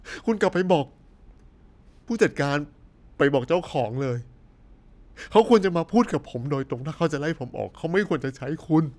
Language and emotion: Thai, sad